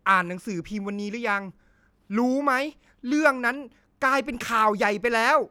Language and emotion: Thai, angry